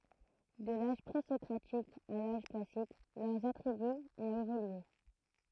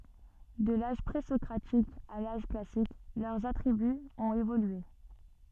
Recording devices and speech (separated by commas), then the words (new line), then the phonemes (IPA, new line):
throat microphone, soft in-ear microphone, read sentence
De l'âge pré-socratique à l'âge classique, leurs attributs ont évolué.
də laʒ pʁezɔkʁatik a laʒ klasik lœʁz atʁibyz ɔ̃t evolye